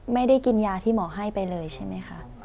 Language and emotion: Thai, neutral